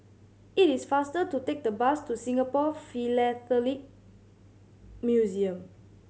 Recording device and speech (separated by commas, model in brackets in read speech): mobile phone (Samsung C7100), read sentence